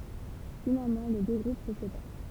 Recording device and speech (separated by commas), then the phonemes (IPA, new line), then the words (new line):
temple vibration pickup, read sentence
finalmɑ̃ le dø ɡʁup sə sepaʁ
Finalement les deux groupes se séparent.